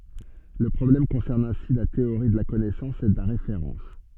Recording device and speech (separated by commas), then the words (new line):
soft in-ear microphone, read sentence
Le problème concerne ainsi la théorie de la connaissance et de la référence.